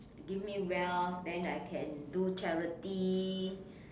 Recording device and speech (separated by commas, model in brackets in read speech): standing microphone, conversation in separate rooms